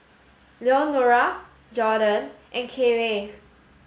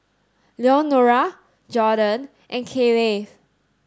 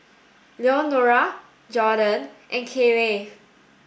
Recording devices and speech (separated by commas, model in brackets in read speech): mobile phone (Samsung S8), standing microphone (AKG C214), boundary microphone (BM630), read sentence